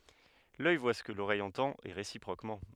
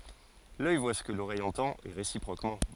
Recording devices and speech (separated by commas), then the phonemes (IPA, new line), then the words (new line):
headset microphone, forehead accelerometer, read sentence
lœj vwa sə kə loʁɛj ɑ̃tɑ̃t e ʁesipʁokmɑ̃
L'œil voit ce que l'oreille entend et réciproquement.